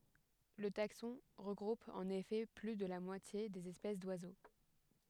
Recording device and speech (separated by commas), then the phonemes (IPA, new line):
headset microphone, read sentence
lə taksɔ̃ ʁəɡʁup ɑ̃n efɛ ply də la mwatje dez ɛspɛs dwazo